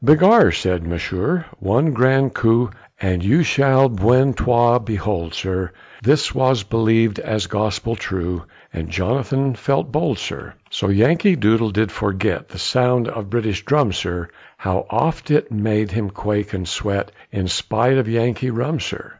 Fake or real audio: real